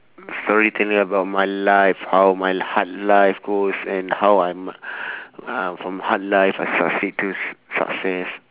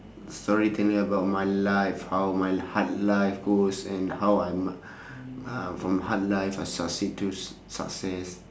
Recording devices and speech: telephone, standing microphone, conversation in separate rooms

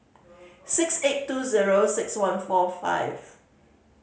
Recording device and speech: mobile phone (Samsung C5010), read sentence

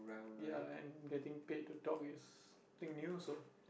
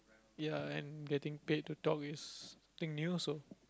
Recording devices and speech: boundary microphone, close-talking microphone, conversation in the same room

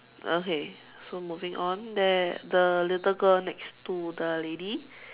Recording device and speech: telephone, conversation in separate rooms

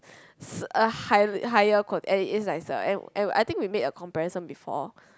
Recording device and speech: close-talking microphone, conversation in the same room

